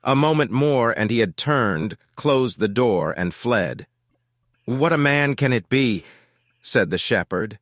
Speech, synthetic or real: synthetic